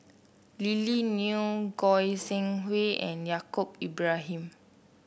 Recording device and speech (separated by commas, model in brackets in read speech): boundary microphone (BM630), read sentence